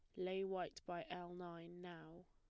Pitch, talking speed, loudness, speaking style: 175 Hz, 175 wpm, -48 LUFS, plain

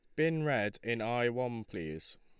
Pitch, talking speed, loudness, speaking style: 115 Hz, 180 wpm, -34 LUFS, Lombard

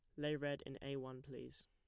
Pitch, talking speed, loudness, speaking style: 135 Hz, 245 wpm, -46 LUFS, plain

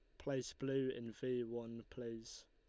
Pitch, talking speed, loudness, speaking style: 120 Hz, 160 wpm, -44 LUFS, Lombard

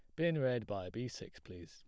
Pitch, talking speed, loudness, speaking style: 125 Hz, 245 wpm, -38 LUFS, plain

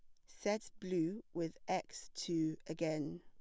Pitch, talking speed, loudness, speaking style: 165 Hz, 125 wpm, -41 LUFS, plain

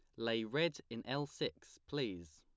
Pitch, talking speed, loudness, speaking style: 115 Hz, 165 wpm, -40 LUFS, plain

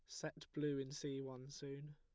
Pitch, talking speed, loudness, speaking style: 140 Hz, 205 wpm, -47 LUFS, plain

